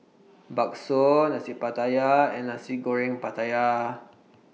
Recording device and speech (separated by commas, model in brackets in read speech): mobile phone (iPhone 6), read sentence